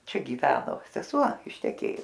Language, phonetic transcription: Lithuanian, ˈčia ˈgyveno seˈsuo išteˈkėjus

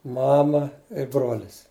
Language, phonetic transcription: Lithuanian, ˈmama i ˈbrolis

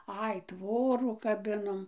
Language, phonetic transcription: Lithuanian, ˈai ˈtvorų kaˈbinom

